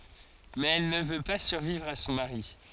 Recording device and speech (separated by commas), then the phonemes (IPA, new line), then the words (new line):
forehead accelerometer, read sentence
mɛz ɛl nə vø pa syʁvivʁ a sɔ̃ maʁi
Mais elle ne veut pas survivre à son mari.